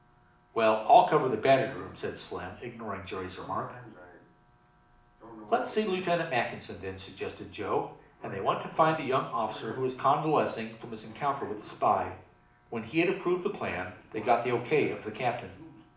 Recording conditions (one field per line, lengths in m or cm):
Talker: one person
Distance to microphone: 2.0 m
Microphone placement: close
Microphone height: 99 cm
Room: medium-sized (5.7 m by 4.0 m)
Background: television